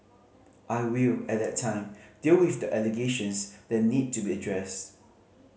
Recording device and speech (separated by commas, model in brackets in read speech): mobile phone (Samsung C5010), read sentence